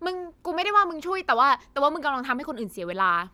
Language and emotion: Thai, frustrated